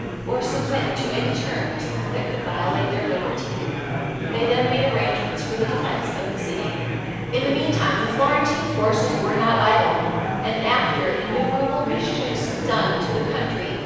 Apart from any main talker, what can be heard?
Crowd babble.